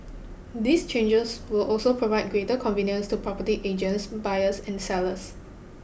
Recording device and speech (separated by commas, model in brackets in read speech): boundary microphone (BM630), read sentence